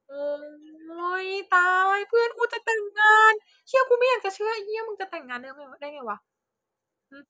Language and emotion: Thai, happy